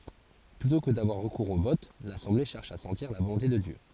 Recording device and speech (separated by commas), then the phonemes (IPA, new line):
forehead accelerometer, read sentence
plytɔ̃ kə davwaʁ ʁəkuʁz o vɔt lasɑ̃ble ʃɛʁʃ a sɑ̃tiʁ la volɔ̃te də djø